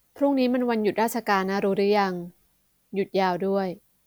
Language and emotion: Thai, neutral